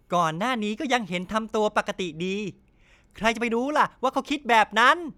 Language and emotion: Thai, happy